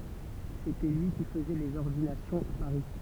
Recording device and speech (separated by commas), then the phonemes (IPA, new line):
temple vibration pickup, read sentence
setɛ lyi ki fəzɛ lez ɔʁdinasjɔ̃z a paʁi